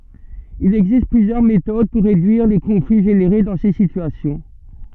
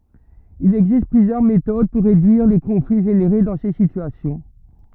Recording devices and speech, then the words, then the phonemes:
soft in-ear microphone, rigid in-ear microphone, read sentence
Il existe plusieurs méthodes pour réduire les conflits générés dans ces situations.
il ɛɡzist plyzjœʁ metod puʁ ʁedyiʁ le kɔ̃fli ʒeneʁe dɑ̃ se sityasjɔ̃

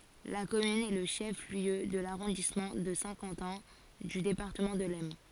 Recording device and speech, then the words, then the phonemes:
forehead accelerometer, read sentence
La commune est le chef-lieu de l'arrondissement de Saint-Quentin du département de l'Aisne.
la kɔmyn ɛ lə ʃɛf ljø də laʁɔ̃dismɑ̃ də sɛ̃ kɑ̃tɛ̃ dy depaʁtəmɑ̃ də lɛsn

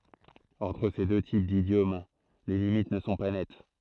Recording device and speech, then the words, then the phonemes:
throat microphone, read sentence
Entre ces deux types d’idiomes, les limites ne sont pas nettes.
ɑ̃tʁ se dø tip didjom le limit nə sɔ̃ pa nɛt

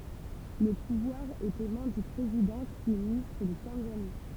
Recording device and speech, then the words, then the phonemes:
temple vibration pickup, read sentence
Le pouvoir est aux mains du président qui est ministre de Tanzanie.
lə puvwaʁ ɛt o mɛ̃ dy pʁezidɑ̃ ki ɛ ministʁ də tɑ̃zani

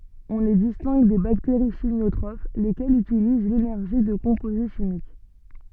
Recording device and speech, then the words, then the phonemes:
soft in-ear microphone, read sentence
On les distingue des bactéries chimiotrophes, lesquelles utilisent l'énergie de composés chimiques.
ɔ̃ le distɛ̃ɡ de bakteʁi ʃimjotʁof lekɛlz ytiliz lenɛʁʒi də kɔ̃poze ʃimik

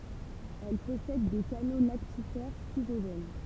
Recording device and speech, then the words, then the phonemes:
temple vibration pickup, read sentence
Elles possèdent des canaux lactifères schizogènes.
ɛl pɔsɛd de kano laktifɛʁ skizoʒɛn

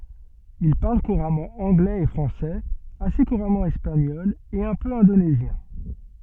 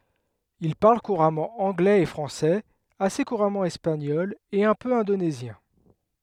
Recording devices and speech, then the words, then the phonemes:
soft in-ear microphone, headset microphone, read sentence
Il parle couramment anglais et français, assez couramment espagnol et un peu indonésien.
il paʁl kuʁamɑ̃ ɑ̃ɡlɛz e fʁɑ̃sɛz ase kuʁamɑ̃ ɛspaɲɔl e œ̃ pø ɛ̃donezjɛ̃

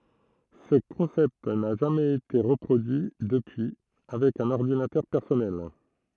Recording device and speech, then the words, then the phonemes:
throat microphone, read sentence
Ce concept n'a jamais été reproduit depuis avec un ordinateur personnel.
sə kɔ̃sɛpt na ʒamɛz ete ʁəpʁodyi dəpyi avɛk œ̃n ɔʁdinatœʁ pɛʁsɔnɛl

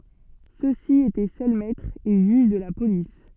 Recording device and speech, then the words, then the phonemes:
soft in-ear microphone, read sentence
Ceux-ci étaient seuls maîtres et juges de la police.
sø si etɛ sœl mɛtʁz e ʒyʒ də la polis

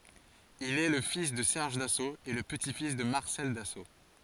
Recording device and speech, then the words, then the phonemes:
forehead accelerometer, read sentence
Il est le fils de Serge Dassault et le petit-fils de Marcel Dassault.
il ɛ lə fis də sɛʁʒ daso e lə pəti fis də maʁsɛl daso

